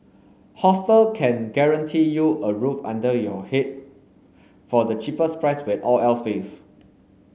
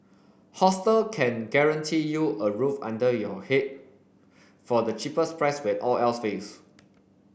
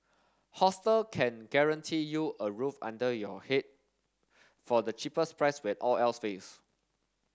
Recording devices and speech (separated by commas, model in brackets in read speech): mobile phone (Samsung S8), boundary microphone (BM630), standing microphone (AKG C214), read sentence